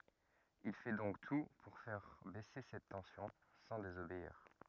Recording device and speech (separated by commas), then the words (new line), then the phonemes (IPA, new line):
rigid in-ear microphone, read sentence
Il fait donc tout pour faire baisser cette tension, sans désobéir.
il fɛ dɔ̃k tu puʁ fɛʁ bɛse sɛt tɑ̃sjɔ̃ sɑ̃ dezobeiʁ